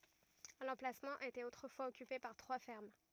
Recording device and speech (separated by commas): rigid in-ear microphone, read sentence